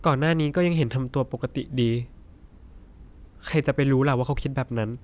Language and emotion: Thai, frustrated